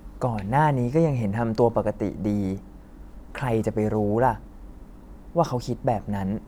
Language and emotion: Thai, neutral